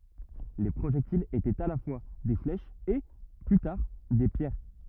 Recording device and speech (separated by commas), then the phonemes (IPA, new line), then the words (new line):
rigid in-ear microphone, read sentence
le pʁoʒɛktilz etɛt a la fwa de flɛʃz e ply taʁ de pjɛʁ
Les projectiles étaient à la fois des flèches et, plus tard, des pierres.